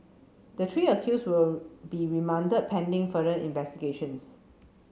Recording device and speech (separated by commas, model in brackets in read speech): mobile phone (Samsung C7), read sentence